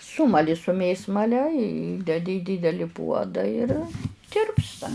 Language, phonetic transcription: Lithuanian, ˈsūmali su ˈmėsmale ˈįdedi į ˈdydeli ˈpuoda ir ˈtirpsta

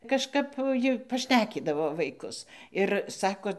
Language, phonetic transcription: Lithuanian, kažˈkap ˈji paˈšnekydavo vaiˈkus ir ˈsako

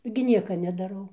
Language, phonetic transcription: Lithuanian, gi ˈnieka nedaˈrau

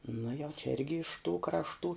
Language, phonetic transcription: Lithuanian, nu jau čia ˈirgi iš tų krašˈtų

